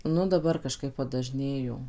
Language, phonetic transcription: Lithuanian, ˈnu daˈbar kaˈžkaip padaˈžnėjo

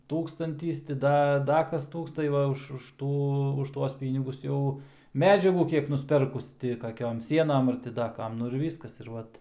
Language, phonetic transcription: Lithuanian, ˈtūkstantys ti ˈda ˈda ˈkas ˈtūks tai ˈva už už ˈtų ˈtuos ˈpynigus ˈjau ˈmedžiagų ˈkiek nusˈperkus ˈti kaˈkiom ˈsienam ar ti ˈda ˈkam ˈnu ir ˈvyskas ir ˈvat

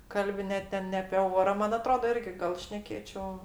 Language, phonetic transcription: Lithuanian, ˈkalbi ˈne ten ne apė ˈora ˈman aˈtroda ˈirgi gal ˈšnekėčio

